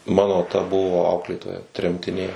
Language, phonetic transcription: Lithuanian, ˈmano ta ˈbuvo ˈauklėtoja tremtiˈnė

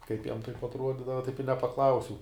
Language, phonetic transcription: Lithuanian, ˈkaip jam taip atˈruodydava ˈtaip i nepaˈklausiau

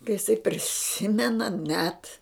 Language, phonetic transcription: Lithuanian, ka iˈsai priˈsimena net

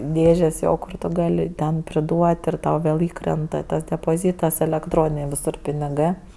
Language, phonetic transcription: Lithuanian, ˈdėžės ˈjo ˈkur tu ˈgali ten priˈduot' ir ˈtau vėl ˈįkrenta tas depoˈzytas elekˈtroninė viˈsur piniˈgɜ

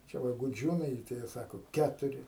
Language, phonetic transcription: Lithuanian, čia ˈva guˈdžiūnai tai ˈjie ˈsako ˈketuri

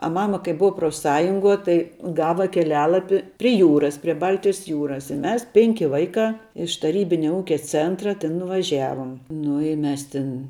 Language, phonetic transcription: Lithuanian, a ˈmama kai ˈbua profˈsąjunguo tai ˈgava keˈlialapi pri ˈjūras pri ˈbaltijas ˈjūras i ˈmes ˈpenki ˈvaikā iš taˈrybinia ˈūkia ˈcėntra tėn nuvaˈžævom ˈnu i ˈmes ˈtin

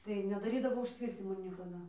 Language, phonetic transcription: Lithuanian, tai nedaˈrydavo užˈtvirtinimo niekaˈda

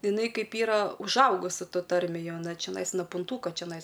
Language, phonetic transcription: Lithuanian, iˈnai ˈkaip ˈyra užˈaugusi ˈtoj ˈtarmėj ˈjau aˈna čeˈnais no punˈtūko čeˈnais

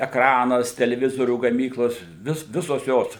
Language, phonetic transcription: Lithuanian, ekˈranas teleˈvizorių gaˈmyklos ˈvis ˈvisos ˈjos

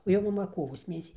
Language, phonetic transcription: Lithuanian, o ˈjo maˈma ˈkovos ˈmėnesį

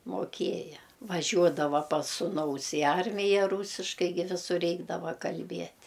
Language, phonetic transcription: Lithuanian, moˈkieja vaˈžiuodava pas suˈnaus i ˈarmija ˈrūsiškai gi viˈsur ˈreikdava kalˈbiet'

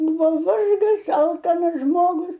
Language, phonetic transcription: Lithuanian, ˈbūva ˈvargas ˈalkanas ˈžmogus

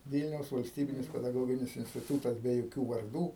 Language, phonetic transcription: Lithuanian, ˈvylniaus valsˈtybinis pedaˈgoginis instiˈtūtas be joˈkių varˈdų

